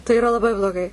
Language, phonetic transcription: Lithuanian, tai iˈra laˈbai bloˈgai

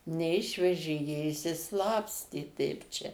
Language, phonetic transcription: Lithuanian, neˈišvežė jie išsiˈslapstė teip ˈčia

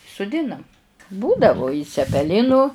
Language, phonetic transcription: Lithuanian, suˈdinam ˈbūdavu i cepeˈlinu

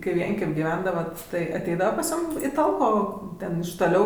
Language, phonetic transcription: Lithuanian, kai ˈvienkem' giˈvendavat tai aˈteidava pas ˈjūm į ˈtalko ˈten iš toˈliau

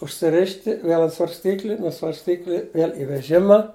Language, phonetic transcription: Lithuanian, užsiˈrišti ˈviel ant svarsˈtykli nuo svarsˈtykli ˈviel' i veˈžima

